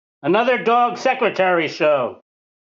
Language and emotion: English, sad